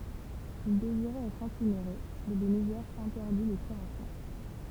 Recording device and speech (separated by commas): temple vibration pickup, read sentence